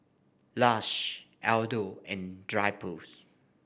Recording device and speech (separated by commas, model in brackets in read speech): boundary microphone (BM630), read sentence